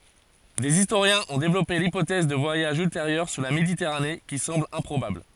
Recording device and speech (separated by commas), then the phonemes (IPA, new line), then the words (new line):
forehead accelerometer, read sentence
dez istoʁjɛ̃z ɔ̃ devlɔpe lipotɛz də vwajaʒz ylteʁjœʁ syʁ la meditɛʁane ki sɑ̃bl ɛ̃pʁobabl
Des historiens ont développé l'hypothèse de voyages ultérieurs sur la Méditerranée, qui semble improbable.